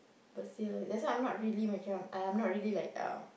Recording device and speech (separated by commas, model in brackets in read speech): boundary microphone, conversation in the same room